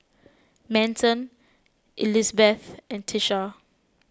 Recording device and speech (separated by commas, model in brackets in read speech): close-talking microphone (WH20), read sentence